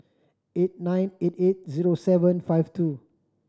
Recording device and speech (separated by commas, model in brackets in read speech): standing microphone (AKG C214), read sentence